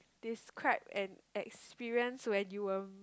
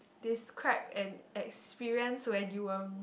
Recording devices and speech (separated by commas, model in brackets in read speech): close-talking microphone, boundary microphone, conversation in the same room